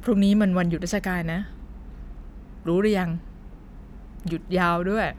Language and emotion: Thai, neutral